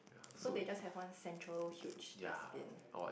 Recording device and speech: boundary microphone, conversation in the same room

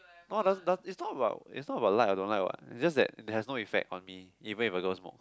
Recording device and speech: close-talking microphone, conversation in the same room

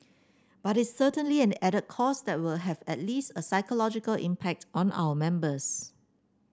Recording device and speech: standing microphone (AKG C214), read sentence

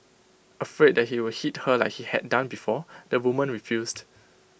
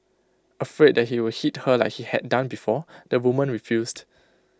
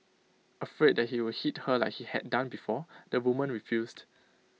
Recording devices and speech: boundary microphone (BM630), close-talking microphone (WH20), mobile phone (iPhone 6), read sentence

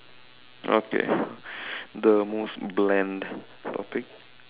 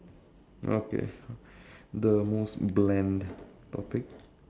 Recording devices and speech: telephone, standing microphone, conversation in separate rooms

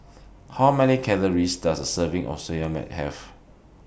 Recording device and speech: boundary microphone (BM630), read sentence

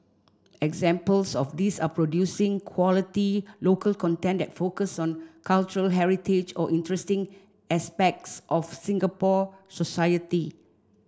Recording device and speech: standing microphone (AKG C214), read sentence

